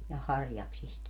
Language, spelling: Finnish, ja harjaksista
- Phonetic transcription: ja 'harjaksist .

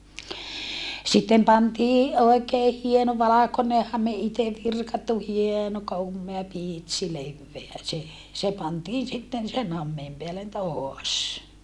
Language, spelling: Finnish, sitten pantiin oikein hieno valkoinen hame itse virkattu hieno komea pitsi leveä se se pantiin sitten sen hameen päälle taas
- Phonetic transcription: sittem pantii , òekee hieno valakone hame ite virkattu hieno kommea pìtsi levveä se , se pantiin sitten sen hammeem peällen toas .

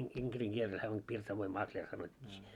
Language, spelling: Finnish, - inkerin kieltä hän on pirsavoin makleri sanottiin
- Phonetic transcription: in- iŋkeriŋ 'kieltä hää om 'pirsavoim "makĺer sanot́t́ii .

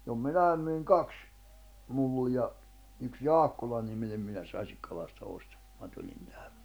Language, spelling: Finnish, jo minä myin kaksi mullia yksi Jaakkola-niminen mies Asikkalasta osti kun minä tulin tähän
- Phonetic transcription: jo "minäi̬m myiŋ "kaks , 'mulliʲa , yks "Jaakkolaniminem miḙs 'Asikkalasta 'ost , ku ma 'tuĺin tᴀ̈hᴀ̈ .

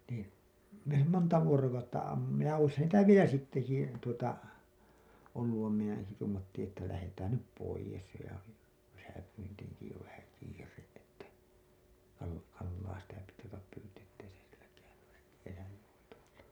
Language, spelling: Finnish, niin mehän monta vuorokautta ammuimme ja olisihan niitä vielä sittenkin - tuota ollut vaan minä en se tuumattiin että lähdetään nyt pois jo ja - kesäpyyntiinkin jo vähän kiire että - kalaa sitä piti ruveta pyytämään sitten
- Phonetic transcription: niin , mehäm 'monta "vuorokautta amm[umma] , ja oishan niitä "vielä 'sitteki jä- , tuota , olluv vaim minä en , se tuumattiiḭ että lähetään 'nyp 'poijes jo ja ki- , kesäpyntiiŋki jo vähä kiire’ ’että , kal- , kallaa sitä piti ruvetap pytäää̰ sitte .

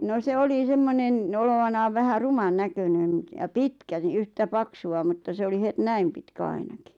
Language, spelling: Finnish, no se oli semmoinen olevinaan vähän ruman näköinen - ja pitkä niin yhtä paksua mutta se oli heti näin pitkä ainakin
- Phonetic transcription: no 'se "oli 'semmonen , olovanaav vähä "ruman 'näkönen (n-) ja "pitkä (ɴɪ) yhtä 'paksu₍a mutta se oli 'het "näim pitkä 'ainaki .

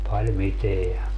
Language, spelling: Finnish, paljon mitään
- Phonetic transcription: pal 'miteä .

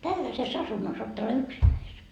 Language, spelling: Finnish, tällaisessa asunnossa olet täällä yksinäsi
- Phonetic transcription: 'tälläse's ‿asunnos oot täällä "yksinnäis .

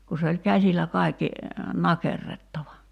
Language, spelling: Finnish, kun se oli käsillä kaikki nakerrettava
- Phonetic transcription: ku se oĺ 'käsilä 'kaikki , 'nakerrettava .

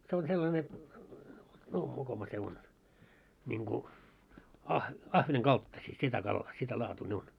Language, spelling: Finnish, se on sellainen no mokoma se on niin kuin - ahvenen kaltaisia sitä kalaa sitä laatua ne on
- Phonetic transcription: se on sellane , 'no 'mokoma se on , ńiŋku , 'ah- 'ahveneŋ "kalttasii sitä kallaa sitä 'laatuu ne on .

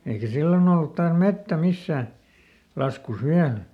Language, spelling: Finnish, eikä silloin ollut taas metsä missään laskussa vielä
- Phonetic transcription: eikä "sillon ‿ollut taas ˈmettä ˈmissää , ˈlaskus ˈviäl .

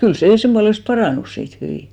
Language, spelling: Finnish, kyllä se sen puolesta parantui siitä hyvin
- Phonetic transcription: kyl 'sè 'semʙualest "parànus siit 'hyvì .

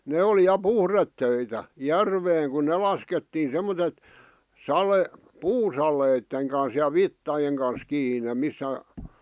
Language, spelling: Finnish, ne oli ja puhdetöitä järveen kun ne laskettiin semmoiset - puusaleiden kanssa ja vitsojen kanssa kiinni missä
- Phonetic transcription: 'ne oli ja "puhrettöitä , "järveeŋ ku "ne laskettiin̬ semmotet , 'sale- , "puu'salèⁱtteŋ kans ja "vittajeŋ kans 'kiine 'missä ,.

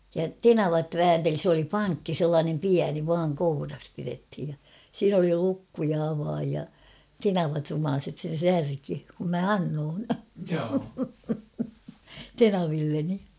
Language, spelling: Finnish, ja tenavat väänteli se oli pankki sellainen pieni vain kourassa pidettiin ja siinä oli lukko ja avain ja tenavat rumaiset sen särki kun minä annoin tenavilleni
- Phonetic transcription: ja "tenavat "väänteli s ‿oli "paŋkki 'sellaanem "piäni vaaŋ 'kouras pirethij ja , 'siin ‿oli 'lukku ja 'avaaj ja , "tenavat rumaaset sen̬ 'särki , kum mä "annoon , "tenavilleni .

